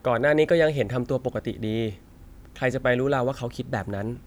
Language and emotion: Thai, neutral